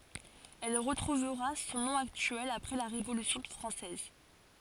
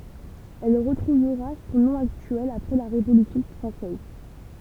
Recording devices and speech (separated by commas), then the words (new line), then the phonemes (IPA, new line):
forehead accelerometer, temple vibration pickup, read sentence
Elle retrouvera son nom actuel après la Révolution française.
ɛl ʁətʁuvʁa sɔ̃ nɔ̃ aktyɛl apʁɛ la ʁevolysjɔ̃ fʁɑ̃sɛz